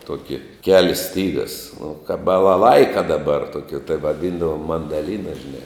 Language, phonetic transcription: Lithuanian, ˈtuoki ˈkelis ˈstygas nu kāp balaˈlaika daˈbar ˈtoki tai vaˈdyndavom mandaˈlyna žiˈnai

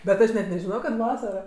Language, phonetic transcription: Lithuanian, bet ˈaš net nežiˈnojo kad ˈvasaro

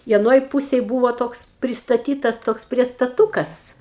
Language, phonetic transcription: Lithuanian, i aˈnoj ˈpusėj ˈbūvo ˈtoks pristaˈtytas ˈtoks priestaˈtūkas

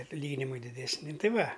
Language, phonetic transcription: Lithuanian, atˈlyginimai didesˈni ˈti ˈva

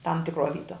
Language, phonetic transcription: Lithuanian, tam tikˈruo ˈvytuo

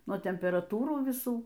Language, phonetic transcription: Lithuanian, nuo temperaˈtūrų viˈsų

